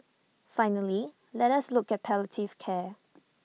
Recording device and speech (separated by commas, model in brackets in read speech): mobile phone (iPhone 6), read sentence